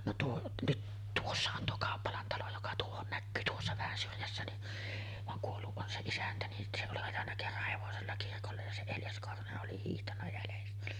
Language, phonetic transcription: Finnish, no 'tuo , nyt , "tuossa on tuo 'Kàoppalan talo joka 'tuohon näkkyy "tuossa vähän syrjässä ni , vaŋ 'kuollu’ ’on se 'isäntä ni , se oli ajanna 'kerrah 'hevosella kirkollej ja 'se "Eljas 'Korhone’ ’oli hiihtanna jälestä .
- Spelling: no tuo nyt tuossa on tuo Kauppalan talo joka tuohon näkyy tuossa vähän syrjässä niin vaan kuollut on se isäntä niin se oli ajanut kerran hevosella kirkolle ja se Eljas Korhonen oli hiihtänyt jäljestä

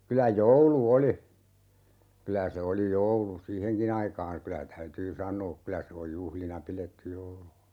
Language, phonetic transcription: Finnish, 'kylä "joulu 'oli , 'kylä se oli "joulu "siiheŋki'n ‿aikaan̬ , 'kylä 'täytyy "saǹoo 'kylä se oj 'juhlina "piletty 'joulu .
- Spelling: kyllä joulu oli kyllä se oli joulu siihenkin aikaan kyllä täytyy sanoa kyllä se on juhlina pidetty joulu

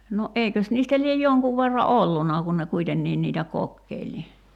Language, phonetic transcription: Finnish, no '’eikös niistä liej "joŋkuv verra "ollunnà kun ne 'kuitennii niitä "kokkeil ni .
- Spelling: no eikös niistä lie jonkun verran ollut kun ne kuitenkin niitä kokeili niin

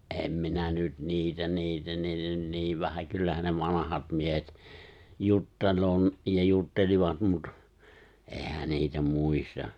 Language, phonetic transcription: Finnish, '’em minä nyt 'niitä 'niitä 'niitä ny(t) 'nii vähä 'kyllähän ne 'vanahat 'miehet , 'juttel̀oo n- , ja 'juttelivat mut , '’ehä 'niitä "muista .
- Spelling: en minä nyt niitä niitä niitä nyt niin vähän kyllähän ne vanhat miehet juttelee - ja juttelivat mutta eihän niitä muista

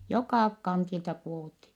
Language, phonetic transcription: Finnish, jokà kantilta (?kuovutti) .
- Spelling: joka kantilta -

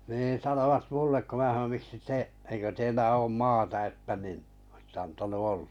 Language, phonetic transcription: Finnish, niin̬ 'sanovat 'mullek ko 'mää haʿⁿʾ » miksi 'te , eikö 'teillä 'oom "maata « että nin , ᵒsⁱtt ‿antanu 'oʟʟᴀ .
- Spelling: niin sanoivat minulle kun minä sanoin miksi te eikö teillä ole maata että niin olisitte antanut olla

